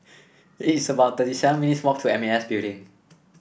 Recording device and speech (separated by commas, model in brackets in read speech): boundary microphone (BM630), read sentence